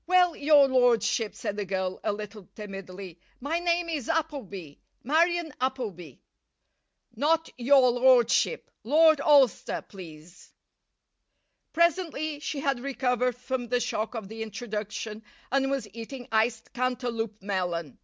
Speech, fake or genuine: genuine